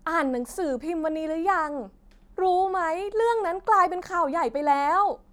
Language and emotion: Thai, frustrated